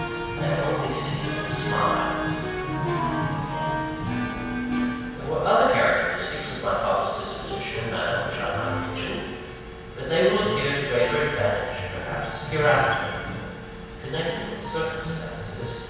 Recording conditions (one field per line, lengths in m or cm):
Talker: one person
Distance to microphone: 7.1 m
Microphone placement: far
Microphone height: 1.7 m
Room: very reverberant, large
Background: music